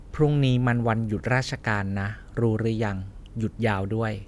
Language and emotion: Thai, neutral